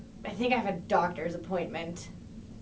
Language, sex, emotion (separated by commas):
English, female, disgusted